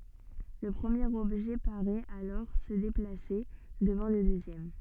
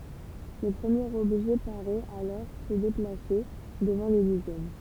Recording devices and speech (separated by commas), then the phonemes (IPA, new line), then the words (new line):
soft in-ear microphone, temple vibration pickup, read sentence
lə pʁəmjeʁ ɔbʒɛ paʁɛt alɔʁ sə deplase dəvɑ̃ lə døzjɛm
Le premier objet paraît alors se déplacer devant le deuxième.